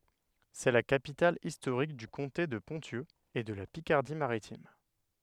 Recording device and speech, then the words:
headset microphone, read sentence
C'est la capitale historique du comté de Ponthieu et de la Picardie maritime.

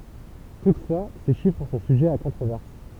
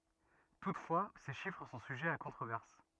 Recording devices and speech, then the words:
temple vibration pickup, rigid in-ear microphone, read sentence
Toutefois, ces chiffres sont sujets à controverse.

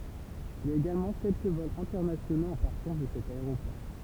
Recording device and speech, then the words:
temple vibration pickup, read sentence
Il y a également quelques vols internationaux en partance de cet aéroport.

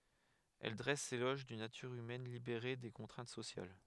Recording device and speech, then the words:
headset microphone, read sentence
Elle dresse l'éloge d'une nature humaine libérée des contraintes sociales.

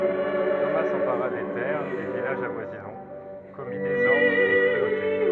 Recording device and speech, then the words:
rigid in-ear microphone, read sentence
Thomas s'empara des terres et villages avoisinants, commit désordres et cruautés.

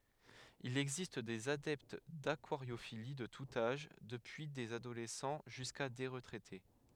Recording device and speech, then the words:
headset microphone, read sentence
Il existe des adeptes d'aquariophilie de tout âge, depuis des adolescents jusqu'à des retraités.

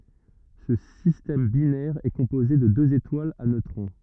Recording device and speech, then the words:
rigid in-ear microphone, read sentence
Ce système binaire est composé de deux étoiles à neutrons.

